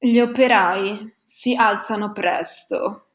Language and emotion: Italian, disgusted